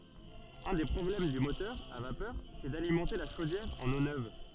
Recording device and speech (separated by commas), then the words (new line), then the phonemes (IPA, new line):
soft in-ear microphone, read sentence
Un des problèmes du moteur à vapeur, c'est d'alimenter la chaudière en eau neuve.
œ̃ de pʁɔblɛm dy motœʁ a vapœʁ sɛ dalimɑ̃te la ʃodjɛʁ ɑ̃n o nøv